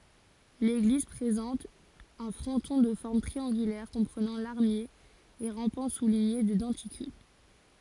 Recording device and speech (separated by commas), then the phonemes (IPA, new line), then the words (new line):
forehead accelerometer, read sentence
leɡliz pʁezɑ̃t œ̃ fʁɔ̃tɔ̃ də fɔʁm tʁiɑ̃ɡylɛʁ kɔ̃pʁənɑ̃ laʁmje e ʁɑ̃pɑ̃ suliɲe də dɑ̃tikyl
L'église présente un fronton de forme triangulaire comprenant larmier et rampants soulignés de denticules.